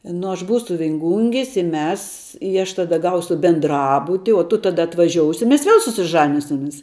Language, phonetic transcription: Lithuanian, nu aš ˈbūsu vinˈgungis i ˈmes i aš taˈda ˈgausu benˈdrabuti o tu ˈtada atvaˈžiousi mes ˈviel susiˈžanisimis

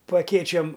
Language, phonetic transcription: Lithuanian, pa aˈkėčiom

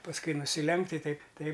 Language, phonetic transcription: Lithuanian, pasˈkui nusiˈlenkt i ˈteip ˈtaip

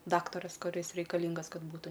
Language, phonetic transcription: Lithuanian, ˈdaktaras kuˈris reikaˈlingas ˈkad ˈbūtu

